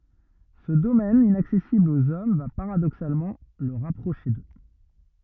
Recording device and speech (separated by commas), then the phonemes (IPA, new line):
rigid in-ear microphone, read sentence
sə domɛn inaksɛsibl oz ɔm va paʁadoksalmɑ̃ lə ʁapʁoʃe dø